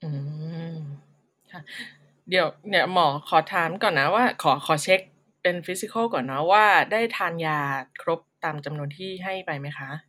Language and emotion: Thai, neutral